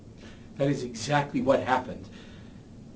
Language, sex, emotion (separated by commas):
English, male, angry